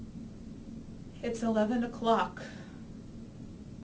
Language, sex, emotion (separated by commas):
English, female, sad